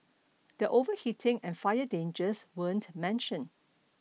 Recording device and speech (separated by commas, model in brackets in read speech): mobile phone (iPhone 6), read sentence